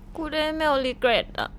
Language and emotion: Thai, sad